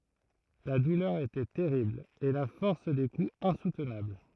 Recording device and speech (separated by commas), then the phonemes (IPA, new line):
throat microphone, read sentence
la dulœʁ etɛ tɛʁibl e la fɔʁs de kuz ɛ̃sutnabl